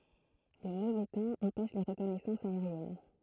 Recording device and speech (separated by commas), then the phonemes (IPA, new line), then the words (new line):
throat microphone, read sentence
lə movɛ tɑ̃ ɑ̃pɛʃ le ʁəkɔnɛsɑ̃sz aeʁjɛn
Le mauvais temps empêche les reconnaissances aériennes.